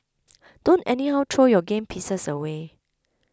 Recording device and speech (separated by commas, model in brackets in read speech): close-talking microphone (WH20), read sentence